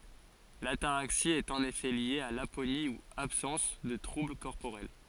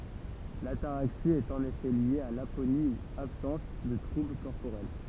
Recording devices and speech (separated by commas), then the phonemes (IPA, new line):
forehead accelerometer, temple vibration pickup, read sentence
lataʁaksi ɛt ɑ̃n efɛ lje a laponi u absɑ̃s də tʁubl kɔʁpoʁɛl